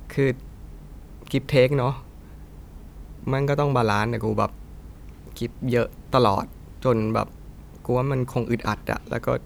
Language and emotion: Thai, frustrated